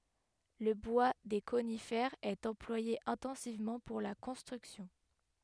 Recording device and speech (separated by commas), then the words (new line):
headset microphone, read sentence
Le bois des conifères est employé intensivement pour la construction.